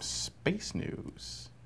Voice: announcer baritone voice